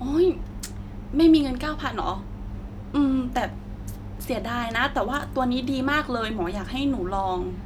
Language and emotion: Thai, frustrated